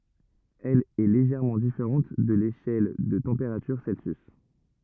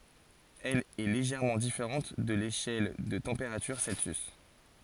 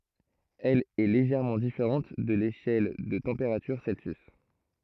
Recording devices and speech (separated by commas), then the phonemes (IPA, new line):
rigid in-ear microphone, forehead accelerometer, throat microphone, read sentence
ɛl ɛ leʒɛʁmɑ̃ difeʁɑ̃t də leʃɛl də tɑ̃peʁatyʁ sɛlsjys